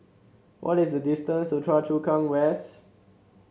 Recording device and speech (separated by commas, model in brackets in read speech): mobile phone (Samsung C7), read sentence